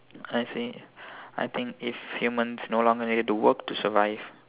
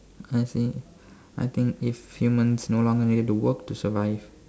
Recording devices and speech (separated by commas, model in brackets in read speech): telephone, standing microphone, conversation in separate rooms